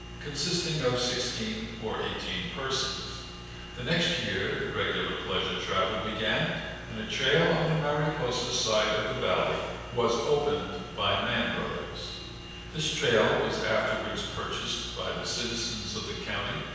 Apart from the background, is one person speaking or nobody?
One person.